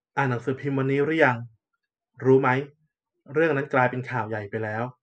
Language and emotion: Thai, neutral